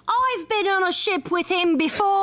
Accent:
Cockney accent